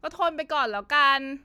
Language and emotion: Thai, frustrated